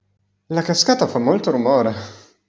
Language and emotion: Italian, surprised